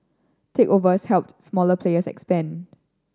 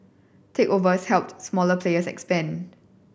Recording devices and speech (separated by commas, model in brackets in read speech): standing microphone (AKG C214), boundary microphone (BM630), read sentence